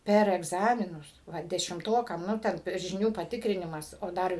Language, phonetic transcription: Lithuanian, ˈper egˈzaminus va dešimˈtokam ˈnu ten žiˈnių paˈtikrinimas o ˈdar

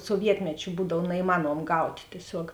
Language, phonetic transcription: Lithuanian, suoˈvietmečiu ˈbūdav naiˈmanuom ˈgaut' tieˈsiog

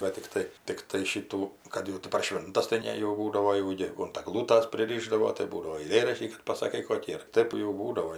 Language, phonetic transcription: Lithuanian, ˈva tikˈtai ˈtiktai ˈšitų ˈkad jau ti par ˈšvintas tai ˈne jau ˈbūdavo jau ˈjėgu unt aˈglūtas priˈryšdavo tai ˈbūdavo aiˈlėraštį kad pasaˈkai ˈkokį ar ˈtɜp jau ˈbūdavo

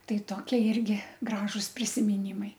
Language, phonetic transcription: Lithuanian, ˈtai ˈtokie ˈirgi ˈgražus prisimiˈnymai

